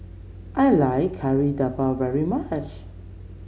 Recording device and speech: mobile phone (Samsung C7), read sentence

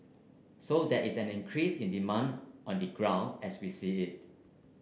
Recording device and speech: boundary microphone (BM630), read sentence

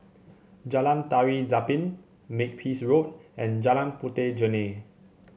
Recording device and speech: mobile phone (Samsung C7), read sentence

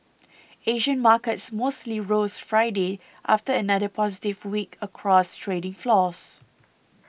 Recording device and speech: boundary microphone (BM630), read sentence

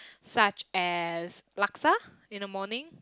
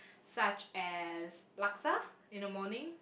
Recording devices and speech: close-talking microphone, boundary microphone, conversation in the same room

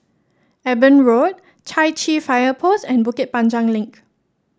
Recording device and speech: standing microphone (AKG C214), read sentence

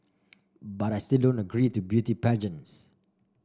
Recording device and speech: standing microphone (AKG C214), read sentence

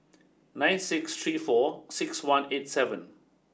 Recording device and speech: standing microphone (AKG C214), read sentence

